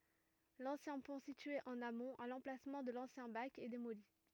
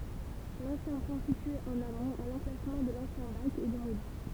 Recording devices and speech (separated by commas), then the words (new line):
rigid in-ear microphone, temple vibration pickup, read sentence
L'ancien pont situé en amont, à l'emplacement de l'ancien bac, est démoli.